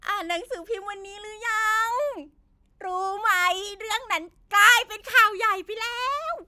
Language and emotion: Thai, happy